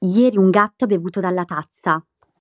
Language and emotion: Italian, neutral